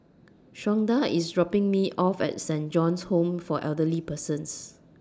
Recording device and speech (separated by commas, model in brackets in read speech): standing microphone (AKG C214), read sentence